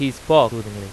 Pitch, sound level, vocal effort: 120 Hz, 93 dB SPL, very loud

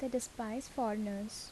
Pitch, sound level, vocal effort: 235 Hz, 75 dB SPL, soft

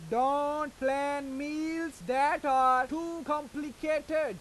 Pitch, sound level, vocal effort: 290 Hz, 100 dB SPL, very loud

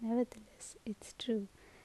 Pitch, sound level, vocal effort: 230 Hz, 70 dB SPL, soft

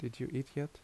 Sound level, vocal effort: 73 dB SPL, soft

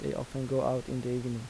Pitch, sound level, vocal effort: 125 Hz, 80 dB SPL, soft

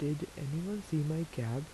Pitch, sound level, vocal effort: 155 Hz, 78 dB SPL, soft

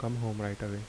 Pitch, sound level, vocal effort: 105 Hz, 76 dB SPL, soft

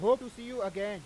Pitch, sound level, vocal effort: 235 Hz, 103 dB SPL, very loud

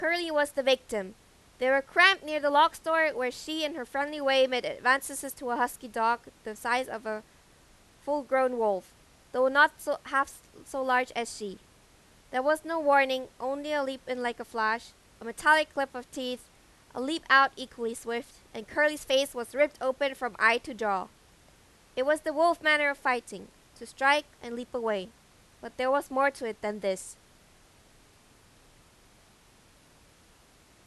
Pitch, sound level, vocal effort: 255 Hz, 95 dB SPL, very loud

